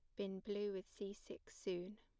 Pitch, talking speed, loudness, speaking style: 200 Hz, 200 wpm, -47 LUFS, plain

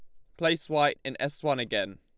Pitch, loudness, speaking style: 145 Hz, -28 LUFS, Lombard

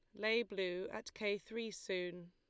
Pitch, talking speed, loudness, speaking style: 200 Hz, 170 wpm, -41 LUFS, Lombard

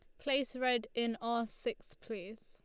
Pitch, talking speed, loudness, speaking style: 235 Hz, 160 wpm, -37 LUFS, Lombard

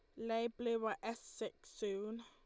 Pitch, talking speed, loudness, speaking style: 230 Hz, 175 wpm, -42 LUFS, Lombard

